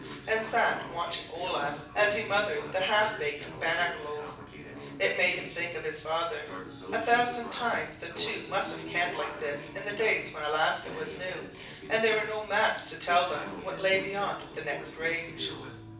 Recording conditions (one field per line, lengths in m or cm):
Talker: one person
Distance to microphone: 5.8 m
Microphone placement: far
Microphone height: 1.8 m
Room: medium-sized (5.7 m by 4.0 m)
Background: television